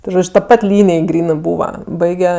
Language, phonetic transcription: Lithuanian, ti ˈžodž' ta ˈpat ˈlynij ˈgrynɜ ˈbūva ˈbaige

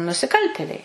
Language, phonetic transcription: Lithuanian, nusiˈkaltėliai

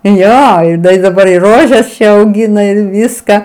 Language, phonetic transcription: Lithuanian, ˈjo ˈda i daˈbar i ˈrožes auˈgina ir ˈviska

